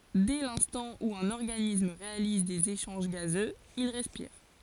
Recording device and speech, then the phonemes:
forehead accelerometer, read sentence
dɛ lɛ̃stɑ̃ u œ̃n ɔʁɡanism ʁealiz dez eʃɑ̃ʒ ɡazøz il ʁɛspiʁ

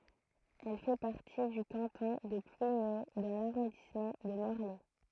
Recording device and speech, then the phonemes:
throat microphone, read sentence
ɛl fɛ paʁti dy kɑ̃tɔ̃ də plwiɲo dɑ̃ laʁɔ̃dismɑ̃ də mɔʁlɛ

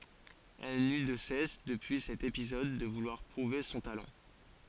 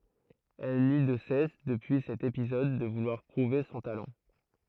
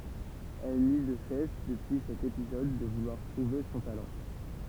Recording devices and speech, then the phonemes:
forehead accelerometer, throat microphone, temple vibration pickup, read sentence
ɛl ny də sɛs dəpyi sɛt epizɔd də vulwaʁ pʁuve sɔ̃ talɑ̃

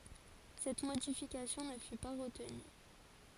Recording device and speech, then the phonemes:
forehead accelerometer, read sentence
sɛt modifikasjɔ̃ nə fy pa ʁətny

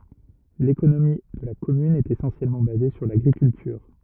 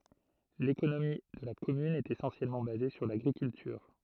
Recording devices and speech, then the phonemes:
rigid in-ear microphone, throat microphone, read sentence
lekonomi də la kɔmyn ɛt esɑ̃sjɛlmɑ̃ baze syʁ laɡʁikyltyʁ

